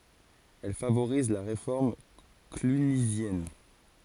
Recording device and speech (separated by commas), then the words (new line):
forehead accelerometer, read sentence
Elle favorise la réforme clunisienne.